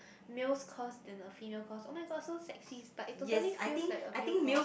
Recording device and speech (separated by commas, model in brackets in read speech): boundary microphone, conversation in the same room